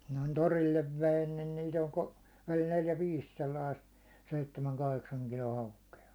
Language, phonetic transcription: Finnish, noin "torillev 'vein nin 'niit ‿oĺ 'ko- , oĺ neljä 'viis 'sellaist , 'seittemäŋ 'kaheksaŋ 'kilo 'hauke₍a .
- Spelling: noin torille vein niin niitä oli - oli neljä viisi sellaista seitsemän kahdeksan kilon haukea

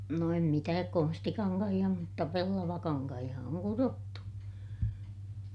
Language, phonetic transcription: Finnish, no em mitääk konstikaŋkahiʲa mutta pellavakaŋkahiʲa oŋ kurottu .
- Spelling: no en mitään konstikankaita mutta pellavakankaita on kudottu

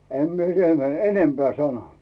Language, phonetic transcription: Finnish, 'em mie siitä m- , "enempeä̀ 'sano .
- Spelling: en minä siitä - enempää sano

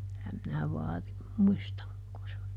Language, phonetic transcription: Finnish, kyllä minä ˈvaarim ˈmuistaŋ (kun se o-) .
- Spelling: kyllä minä vaarin muistan kun se on

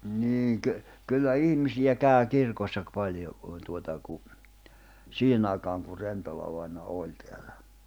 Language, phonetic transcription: Finnish, 'niiŋ kö- , kyllä 'ihmisiʲä 'kä̀y 'kirkossa ‿kpaljo kùⁿ tuota ku , 'siihenⁿ ‿ài̬kaaŋ kur 'Rentolavaina 'ooĺ teällᴀ̈ .
- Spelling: niin - kyllä ihmisiä kävi kirkossa paljon kun tuota kun siihen aikaan kun Rentola-vainaja oli täällä

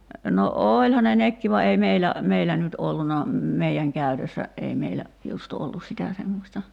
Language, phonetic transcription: Finnish, no "ooĺha ne 'nekki va ei 'meilä , "meilä nyt 'olluna , 'mei₍äŋ "käytössä , 'ei meilä , just 'ollus sitä semmośta ,.
- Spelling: no olihan ne nekin vaan ei meillä meillä nyt ollut meidän käytössä ei meillä just ollut sitä semmoista

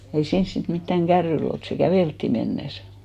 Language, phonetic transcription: Finnish, ei 'siins sit mittäŋ "ɢärryil ‿olt , se "kävèlttì 'mennes .
- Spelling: ei siinä sitten mitään kärryillä oltu se käveltiin mennessä

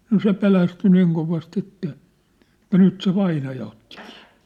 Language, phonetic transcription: Finnish, no 'se pelästy 'niiŋ kovast ‿että , etä 'nyt se 'vainaja otti kɪɪ .
- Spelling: no se pelästyi niin kovasti että että nyt se vainaja otti kiinni

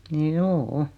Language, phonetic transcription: Finnish, 'njuu₍'u .
- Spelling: juu

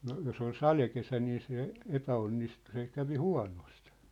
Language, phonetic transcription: Finnish, no , 'jos ‿ol "salekesä nii se , "epä₍onnistu se 'kävi "hua̭nost .
- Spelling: no jos oli sadekesä niin se epäonnistui se kävi huonosti

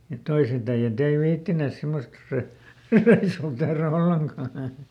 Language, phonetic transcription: Finnish, mut ˈtoiset ‿äiʲät ‿ei ˈviittinès ˈsemmost rö- , ˈreisuu tehrä "olleŋkà .
- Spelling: mutta toiset äijät ei viitsineet semmoista - reissua tehdä ollenkaan

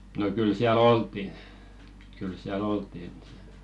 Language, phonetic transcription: Finnish, no kyl 'siäl "olt̆tiɴ , kyl 'siäl "olt̀in .
- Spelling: no kyllä siellä oltiin kyllä siellä oltiin

